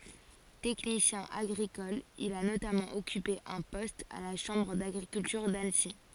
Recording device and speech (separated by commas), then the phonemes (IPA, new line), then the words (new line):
forehead accelerometer, read sentence
tɛknisjɛ̃ aɡʁikɔl il a notamɑ̃ ɔkype œ̃ pɔst a la ʃɑ̃bʁ daɡʁikyltyʁ danəsi
Technicien agricole, il a notamment occupé un poste à la Chambre d'agriculture d'Annecy.